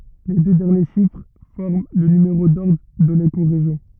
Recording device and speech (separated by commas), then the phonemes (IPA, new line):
rigid in-ear microphone, read sentence
le dø dɛʁnje ʃifʁ fɔʁm lə nymeʁo dɔʁdʁ də lekoʁeʒjɔ̃